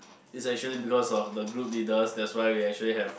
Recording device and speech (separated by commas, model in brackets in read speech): boundary microphone, conversation in the same room